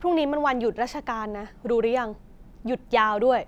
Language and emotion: Thai, frustrated